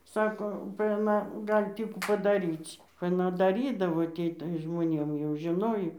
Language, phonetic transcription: Lithuanian, ˈsako ba aˈna ˈgali ˈtį kų padaˈryc' aˈna daˈrydavo ˈtį tai žmoˈnėm jau žiˈnojo

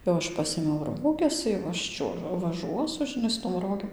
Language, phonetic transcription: Lithuanian, jau ˈaš ˈpasėmiau ˈroges jau ˈaš ˈčiuo vaˈžuosu žiˈnai su tom ˈrogėm

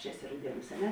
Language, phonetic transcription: Lithuanian, čia ˈeˌsi rauˈdieˌnūs a ˈne

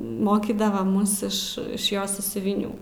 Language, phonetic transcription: Lithuanian, ˈmokydava ˈmus ˈiš iš ˈjos sąsiuviˈnių

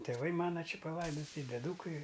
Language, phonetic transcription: Lithuanian, tėˈvai ˈmana ˈči paˈlaidoti i deˈdūkai

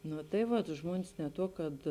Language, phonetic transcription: Lithuanian, ˈnu tai ˈvat ˈžmuonis ne ˈtuo kad

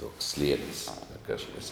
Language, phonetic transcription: Lithuanian, tuoks ˈslienis ˈkažkas

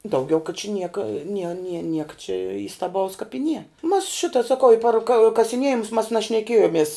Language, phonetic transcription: Lithuanian, dauˈgiau ka čia ˈnieka nie nie ˈnieka čia įstaˈbaus kap i nie mas ˈšita saˈkau i par ka kasiˈniejimus mas našneˈkėjomies

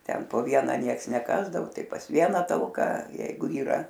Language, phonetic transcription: Lithuanian, ˈten po ˈviena ˈnieks neˈkasdavu ˈtai pas ˈviena talˈka ˈjeigu yˈra

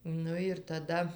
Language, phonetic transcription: Lithuanian, ˈnu ir taˈda

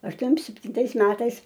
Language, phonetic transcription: Lithuanian, ašˈtuom septinˈtais ˈmetais

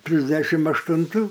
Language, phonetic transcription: Lithuanian, ˈtrisdešim aštunˈtų

